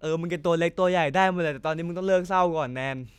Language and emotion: Thai, neutral